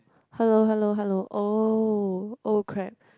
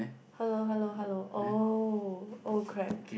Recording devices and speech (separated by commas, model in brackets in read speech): close-talking microphone, boundary microphone, conversation in the same room